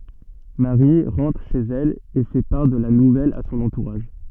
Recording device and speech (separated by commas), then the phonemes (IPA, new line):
soft in-ear microphone, read sentence
maʁi ʁɑ̃tʁ ʃez ɛl e fɛ paʁ də la nuvɛl a sɔ̃n ɑ̃tuʁaʒ